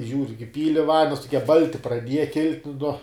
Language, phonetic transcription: Lithuanian, ˈžiūriu g iˈpyli ˈvandens tuˈkie ˈbalti praˈdieja ˈkilt' nuo

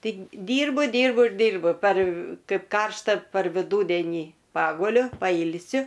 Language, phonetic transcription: Lithuanian, ˈtai dyrbu ˈdyrbu ir ˈdyrbu par ˈkaip ˈkaršta par viˈdūdėnį ˈpaguliu paˈylsiu

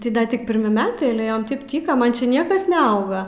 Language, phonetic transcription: Lithuanian, tai ˈda ˈtik pirˈmi ˈmetai ale ˈjom ˈtaip ˈtyka ˈman čia ˈniekas neˈauga

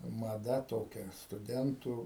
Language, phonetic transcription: Lithuanian, maˈda ˈtokia stuˈdentų

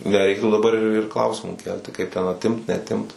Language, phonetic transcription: Lithuanian, neˈreiktų daˈbar ir ir ˈklausimų ˈkelti kaip ten atˈimt neatˈimt

